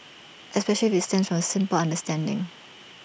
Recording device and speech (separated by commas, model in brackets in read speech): boundary microphone (BM630), read sentence